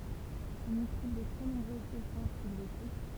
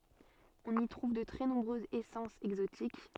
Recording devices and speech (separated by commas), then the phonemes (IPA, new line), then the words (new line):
temple vibration pickup, soft in-ear microphone, read sentence
ɔ̃n i tʁuv də tʁɛ nɔ̃bʁøzz esɑ̃sz ɛɡzotik
On y trouve de très nombreuses essences exotiques.